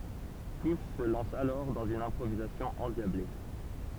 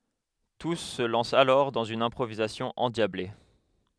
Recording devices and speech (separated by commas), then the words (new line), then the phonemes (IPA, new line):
temple vibration pickup, headset microphone, read sentence
Tous se lancent alors dans une improvisation endiablée.
tus sə lɑ̃st alɔʁ dɑ̃z yn ɛ̃pʁovizasjɔ̃ ɑ̃djable